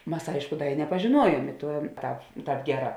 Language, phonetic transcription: Lithuanian, ˈmas ˈaišku ˈda i nepažėˈnuoˌjuom i ˈtuo ta ˈtāp ˈgeˌrā

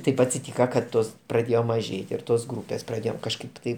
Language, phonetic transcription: Lithuanian, ˈtaip atsiˈtyka kad ˈtos praˈdėjo maˈžėti ir ˈtos ˈgrūpės praˈdėjom kažˈkaip tai

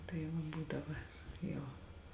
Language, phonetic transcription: Lithuanian, tai ˈva ˈbūdava ˈjau

